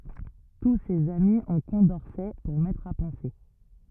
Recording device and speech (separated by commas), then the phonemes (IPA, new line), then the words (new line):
rigid in-ear microphone, read sentence
tu sez ami ɔ̃ kɔ̃dɔʁsɛ puʁ mɛtʁ a pɑ̃se
Tous ces amis ont Condorcet pour maître à penser.